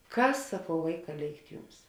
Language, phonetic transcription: Lithuanian, ˈkas saˈkau ˈvaiˌkā ˈlėikt ˈjums

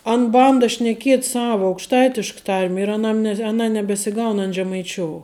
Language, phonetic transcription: Lithuanian, an ˈbanda šneˈkiet ˈsava aukšˈtaitišk ˈtarm' ir aˈnam ne aˈna nebesiˈgaun an žemaiˈčiou

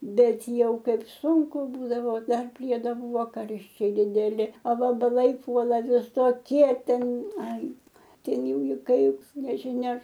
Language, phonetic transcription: Lithuanian, ˈbet ˈjau ˈkaip ˈsūnku ˈbūdavo ˈdar ˈpriedo ˈbūvo ˈkarščiai dideˈli a vabaˈlai ˈpuola visoˈkie ˈten ˈai ˈten ˈjau i ˈkaip nežiˈnia

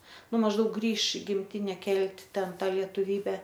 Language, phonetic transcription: Lithuanian, ˈnu mažˈdaug ˈgrįš i gimˈtine ˈkelt' ˈten ˈtą lietuˈvybe

